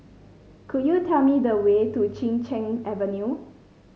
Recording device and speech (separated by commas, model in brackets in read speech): mobile phone (Samsung C5), read sentence